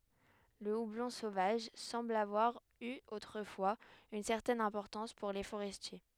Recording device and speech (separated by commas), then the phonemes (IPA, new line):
headset microphone, read sentence
lə ublɔ̃ sovaʒ sɑ̃bl avwaʁ y otʁəfwaz yn sɛʁtɛn ɛ̃pɔʁtɑ̃s puʁ le foʁɛstje